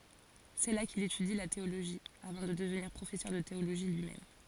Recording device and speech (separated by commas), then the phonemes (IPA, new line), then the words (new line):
forehead accelerometer, read sentence
sɛ la kil etydi la teoloʒi avɑ̃ də dəvniʁ pʁofɛsœʁ də teoloʒi lyimɛm
C'est là qu'il étudie la théologie, avant de devenir professeur de théologie lui-même.